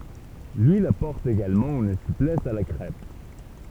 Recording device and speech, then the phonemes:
temple vibration pickup, read sentence
lyil apɔʁt eɡalmɑ̃ yn suplɛs a la kʁɛp

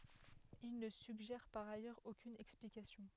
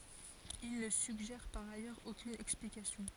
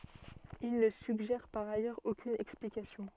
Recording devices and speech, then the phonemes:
headset microphone, forehead accelerometer, soft in-ear microphone, read sentence
il nə syɡʒɛʁ paʁ ajœʁz okyn ɛksplikasjɔ̃

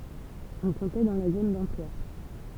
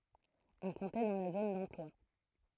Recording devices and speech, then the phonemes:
temple vibration pickup, throat microphone, read sentence
ɔ̃ kɔ̃tɛ dɑ̃ la zon dɑ̃plwa

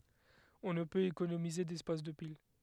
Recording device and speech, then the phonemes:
headset microphone, read sentence
ɔ̃ nə pøt ekonomize dɛspas də pil

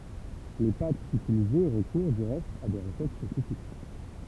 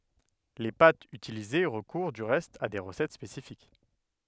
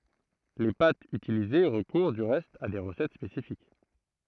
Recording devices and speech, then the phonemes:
temple vibration pickup, headset microphone, throat microphone, read sentence
le patz ytilize ʁəkuʁ dy ʁɛst a de ʁəsɛt spesifik

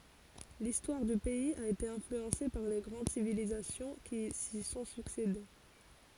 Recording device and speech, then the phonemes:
forehead accelerometer, read sentence
listwaʁ dy pɛiz a ete ɛ̃flyɑ̃se paʁ le ɡʁɑ̃d sivilizasjɔ̃ ki si sɔ̃ syksede

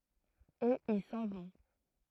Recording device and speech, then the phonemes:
throat microphone, read sentence
e il sɑ̃ vɔ̃

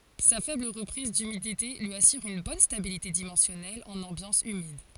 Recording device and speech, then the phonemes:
forehead accelerometer, read sentence
sa fɛbl ʁəpʁiz dymidite lyi asyʁ yn bɔn stabilite dimɑ̃sjɔnɛl ɑ̃n ɑ̃bjɑ̃s ymid

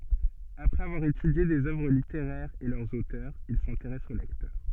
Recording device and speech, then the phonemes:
soft in-ear microphone, read sentence
apʁɛz avwaʁ etydje dez œvʁ liteʁɛʁz e lœʁz otœʁz il sɛ̃teʁɛs o lɛktœʁ

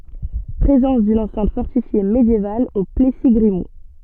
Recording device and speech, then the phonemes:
soft in-ear microphone, read sentence
pʁezɑ̃s dyn ɑ̃sɛ̃t fɔʁtifje medjeval o plɛsi ɡʁimult

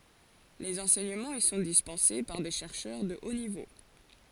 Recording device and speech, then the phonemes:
forehead accelerometer, read sentence
lez ɑ̃sɛɲəmɑ̃z i sɔ̃ dispɑ̃se paʁ de ʃɛʁʃœʁ də o nivo

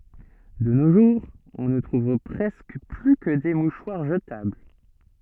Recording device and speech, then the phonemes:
soft in-ear microphone, read sentence
də no ʒuʁz ɔ̃ nə tʁuv pʁɛskə ply kə de muʃwaʁ ʒətabl

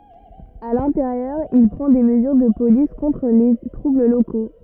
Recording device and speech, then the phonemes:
rigid in-ear microphone, read sentence
a lɛ̃teʁjœʁ il pʁɑ̃ de məzyʁ də polis kɔ̃tʁ le tʁubl loko

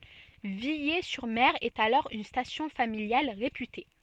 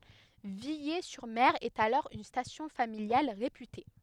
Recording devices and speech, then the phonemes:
soft in-ear microphone, headset microphone, read sentence
vile syʁ mɛʁ ɛt alɔʁ yn stasjɔ̃ familjal ʁepyte

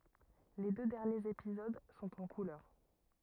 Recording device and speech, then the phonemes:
rigid in-ear microphone, read sentence
le dø dɛʁnjez epizod sɔ̃t ɑ̃ kulœʁ

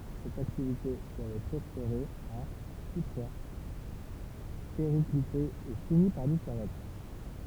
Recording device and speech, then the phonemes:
temple vibration pickup, read sentence
sɛt aktivite ki avɛ pʁɔspeʁe a tutfwa peʁiklite e fini paʁ dispaʁɛtʁ

